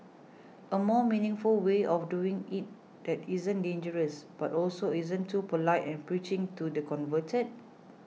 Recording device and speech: mobile phone (iPhone 6), read sentence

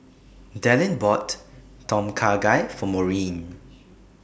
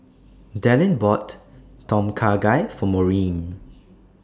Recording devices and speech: boundary microphone (BM630), standing microphone (AKG C214), read sentence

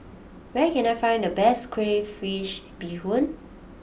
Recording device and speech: boundary microphone (BM630), read sentence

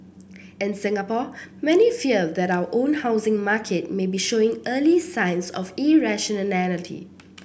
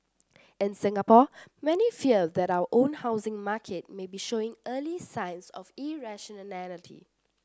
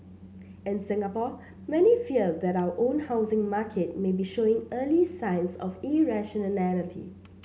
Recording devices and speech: boundary microphone (BM630), standing microphone (AKG C214), mobile phone (Samsung C7), read sentence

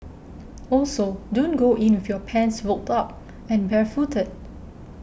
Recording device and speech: boundary microphone (BM630), read sentence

